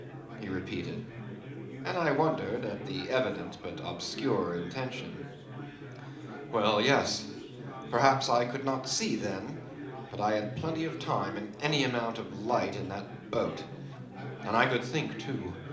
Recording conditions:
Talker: one person; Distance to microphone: 2.0 m; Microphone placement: close; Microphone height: 99 cm; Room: medium-sized (5.7 m by 4.0 m); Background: babble

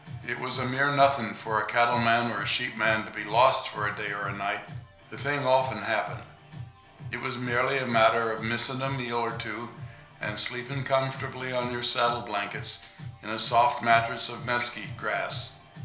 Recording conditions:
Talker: one person; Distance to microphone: 1.0 m; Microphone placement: close; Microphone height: 1.1 m; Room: small (3.7 m by 2.7 m); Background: music

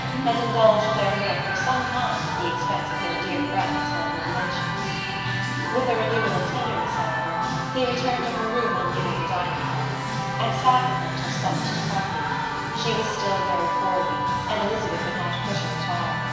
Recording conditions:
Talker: one person; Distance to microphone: 1.7 m; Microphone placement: close; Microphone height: 1.0 m; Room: very reverberant, large; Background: music

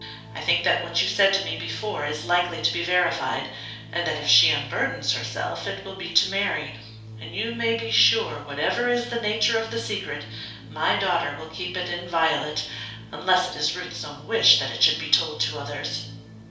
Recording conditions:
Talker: one person; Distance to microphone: 3.0 m; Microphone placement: far; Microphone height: 1.8 m; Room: small (3.7 m by 2.7 m); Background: music

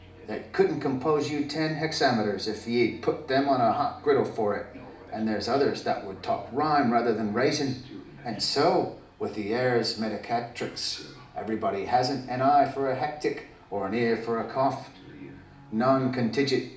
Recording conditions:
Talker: one person; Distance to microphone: 2.0 m; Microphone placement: close; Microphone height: 99 cm; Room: medium-sized (5.7 m by 4.0 m); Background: television

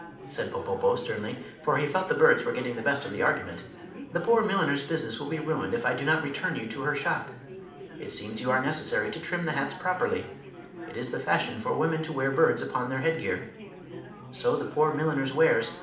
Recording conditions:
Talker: one person; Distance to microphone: 2.0 m; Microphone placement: close; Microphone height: 99 cm; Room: medium-sized (5.7 m by 4.0 m); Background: babble

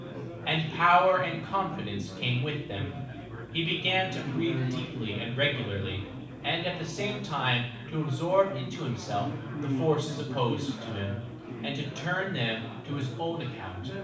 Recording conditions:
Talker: one person; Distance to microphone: 5.8 m; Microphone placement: far; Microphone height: 1.8 m; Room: medium-sized (5.7 m by 4.0 m); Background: babble

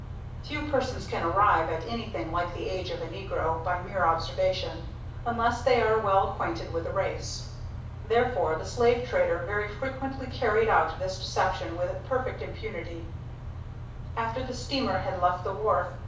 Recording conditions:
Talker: one person; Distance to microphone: 5.8 m; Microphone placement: far; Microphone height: 1.8 m; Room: medium-sized (5.7 m by 4.0 m); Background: none

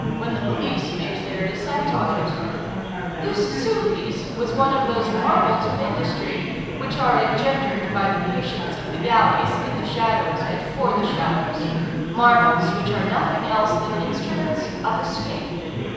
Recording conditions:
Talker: one person; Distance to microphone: 7.1 m; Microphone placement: far; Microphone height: 1.7 m; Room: very reverberant, large; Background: babble

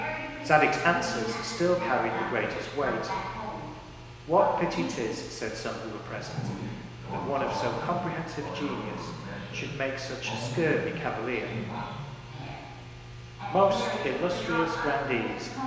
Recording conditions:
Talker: one person; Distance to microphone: 1.7 m; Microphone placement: close; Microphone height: 1.0 m; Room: very reverberant, large; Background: television

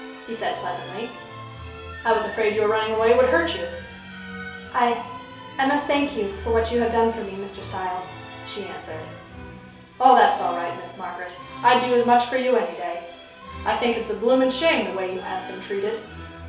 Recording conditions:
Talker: one person; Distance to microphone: 3.0 m; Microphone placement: far; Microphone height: 1.8 m; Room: small (3.7 m by 2.7 m); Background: music

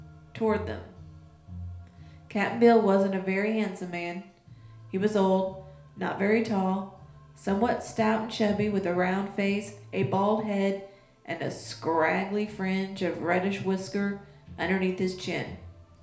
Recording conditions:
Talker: one person; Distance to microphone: 1.0 m; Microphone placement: close; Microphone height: 1.1 m; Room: small (3.7 m by 2.7 m); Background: music

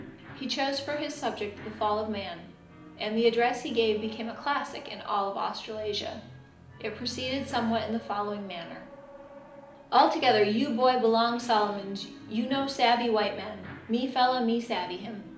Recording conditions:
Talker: one person; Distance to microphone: 2.0 m; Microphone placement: close; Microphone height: 99 cm; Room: medium-sized (5.7 m by 4.0 m); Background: television

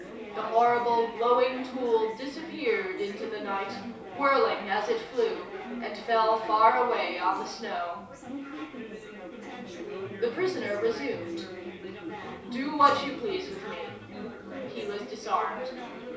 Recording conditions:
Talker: one person; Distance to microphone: 3.0 m; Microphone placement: far; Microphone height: 1.8 m; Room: small (3.7 m by 2.7 m); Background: babble

